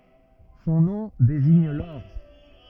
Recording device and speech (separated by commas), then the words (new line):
rigid in-ear microphone, read sentence
Son nom désigne l'or.